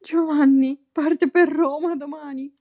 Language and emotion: Italian, fearful